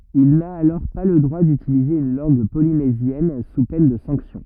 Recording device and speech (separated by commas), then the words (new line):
rigid in-ear microphone, read sentence
Il n'a alors pas le droit d'utiliser une langue polynésienne sous peine de sanction.